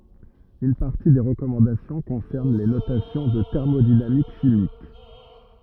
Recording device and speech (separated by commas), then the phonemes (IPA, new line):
rigid in-ear microphone, read sentence
yn paʁti de ʁəkɔmɑ̃dasjɔ̃ kɔ̃sɛʁn le notasjɔ̃z ɑ̃ tɛʁmodinamik ʃimik